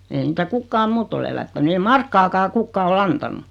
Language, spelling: Finnish, ei niitä kukaan muu ole elättänyt ei markkakaan kukaan ole antanut
- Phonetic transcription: 'eeⁱ niitä 'kukkaam "muutt ‿ol elättäny 'ei "markkakaa 'kukkaa ol'l ‿antan̆nu .

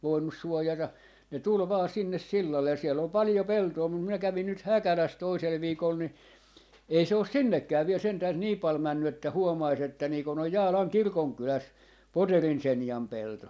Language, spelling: Finnish, voinut suojata ne tuli vain sinne sillalle ja siellä oli paljon peltoa mutta minä kävin nyt Häkälässä toisella viikolla niin ei se ole sinnekään vielä sentään niin paljon mennyt että huomaisi että niin kun on Jaalan kirkonkylässä Poterin Senjan pelto
- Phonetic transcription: 'voinnus 'suojata , ne 'tul 'vaa 'sinnes "sillallej ja siel ‿ol 'palⁱjo "peltoo mum minä 'kävin nyt "Häkäläs 'toisel 'viikol ni , 'ei 'se os "sinnekkää viel 'sentääs "nii 'pal 'männy että 'huomais ‿että nii kon ‿on "Jaalaŋ "kirkoŋkyläs , "Poterin "Senjam 'pelto .

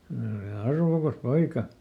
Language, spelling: Finnish, hän oli arvokas poika
- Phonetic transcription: (hän ‿oli) "arvokas "poika .

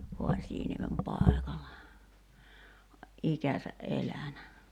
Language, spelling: Finnish, Haasianniemen paikalla ikänsä elänyt
- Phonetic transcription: 'Ho̭aśiiniemem "pàekalla , "’ikäsä’ '’elänä .

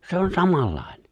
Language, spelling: Finnish, se on samanlainen
- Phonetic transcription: 'se on 'samallàiɴᴇ .

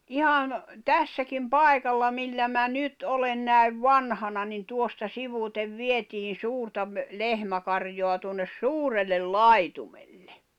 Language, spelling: Finnish, ihan tässäkin paikalla millä minä nyt olen näin vanhana niin tuosta sivuitse vietiin suurta - lehmäkarjaa tuonne suurelle laitumelle
- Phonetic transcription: ihan , "tässäkim "pài̬kalla "millä mä "nyt '’olen nä̀i̬v "vanhana nin 'tuosta 'sivùtev "vietiin̬ "suurta ‿m- , 'lehmäkaŕjoa tuonnes "suurellel "lai̬tumelʟᴇ .

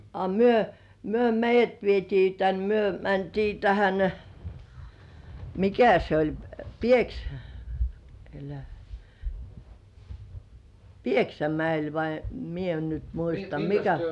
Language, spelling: Finnish, a me me meidät vietiin tänne me mentiin tähän mikä se oli - älä Pieksämäelle vai minä en nyt muista mikä
- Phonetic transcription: a "myö , 'myö "meijjät vietii tän 'myö mäntii 'tähän , "mikä se 'oĺ , 'Pieksä- , elä , "Pieksämäel vai , 'mie en nyt "muista 'mikᴀ̈ ,.

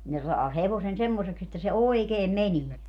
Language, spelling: Finnish, ne saa hevosen semmoiseksi että se oikein menee
- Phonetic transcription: ne saa 'hevosen 'semmoseks ‿että se "oikeem "menie .

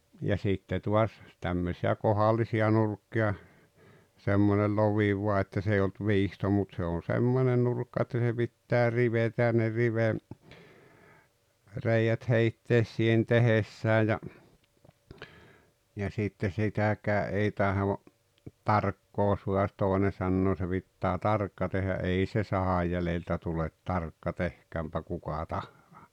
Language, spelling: Finnish, ja sitten taas tämmöisiä kohdallisia nurkkia semmoinen lovi vain että se ei ollut viisto mutta se on semmoinen nurkka että se pitää rivetä ja ne - rivereiät heittää siihen tehdessä ja ja sitten sitäkään ei tahdo tarkkaan saada toinen sanoa se pitää tarkkaan tehdä ei se sahan jäljeltä tule tarkka tehköönpä kuka tahansa
- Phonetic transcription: ja 'sitte tuas , 'tämmösi₍ä "kohallisi₍a nurkki₍a , semmonel "lovi 'vua että 's ‿ei olt "viisto mut se on̬ "semmone 'nurkka että se 'pittää "rivetä ja ne 'rive- , -'reijät 'heittees siihen 'tehessää ja , ja sitte 'sitäkää’ ’ei 'taho , "tarkkoo sua₍at 'tòene sannoo se 'pittää "tarkka tehä "’ei se 'sahaj jäleltä tulet "tarkka "tehkäämpä 'kuka "tahhᴀᴀ .

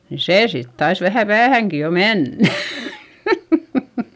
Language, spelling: Finnish, niin se sitten taisi vähän päähänkin jo mennä
- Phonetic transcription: ni see sit tais vähä päähäŋki jo mennÄ .

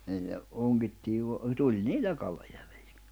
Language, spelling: Finnish, niillä ongittiin - tuli niillä kaloja väliin
- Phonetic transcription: niillä , 'oŋgittiiv vo- , 'tuĺ "niillä 'kaloja (ᴠᴀ̈ʟɪɪ) .

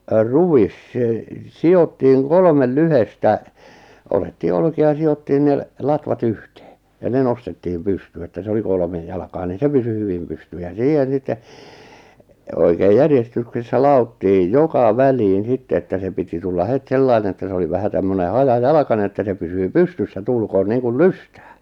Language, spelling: Finnish, ruis se sidottiin kolme lyhdettä otettiin olkia ja sidottiin ne latvat yhteen ja ne nostettiin pystyyn että se oli kolme jalkaa niin se pysyi hyvin pystyssä ja siihen sitten oikein järjestyksessä ladottiin joka väliin sitten että se piti tulla heti sellainen että se oli vähän tämmöinen hajajalkainen että se pysyy pystyssä tuulkoon niin kuin lystää
- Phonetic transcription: 'ruwis sè , 'si₍ottiiŋ 'kolᵒmel 'lyhestä , otettii 'olki₍a ja si₍ottiin ne , 'latva't ‿yhtᴇᴇ , ja 'ne nostettiʿʰʾim "pystyy että se 'oli 'kolᵒmej jalakaa ni "se pysy 'hyvim pysty- ja 'siihen̬ sitte , oikeej 'järjestyksessä 'la₍ottiij "joka "väliin 'sitte että 'se piti 'tulla 'het "sellaine etᵗᵃ̈ se oli 'vähä tämmöne "haja'jalᵃkane että se 'pysyy "pystyssä 'tuulkoon 'niiŋkul "lystᴀ̈ᴀ̈ .

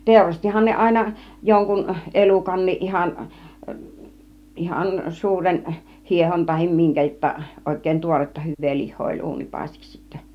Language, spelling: Finnish, teurastihan ne aina jonkun elukankin ihan ihan suuren hiehon tai minkä jotta oikein tuoretta hyvää lihaa oli uunipaistiksi sitten
- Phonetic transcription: 'tèurastihan ne "àina , 'joŋkun , "elukanniˀ 'ˀihan , 'ihan 'suuren , 'hiehon tahim 'miŋkä jotta , 'òik̆kèin "tuoretta 'hyv̆vee 'lih̆hoo oĺ "uunipàistiks sittä .

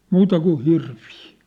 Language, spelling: Finnish, muuta kuin hirviä
- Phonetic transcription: muuta ku "hirvii .

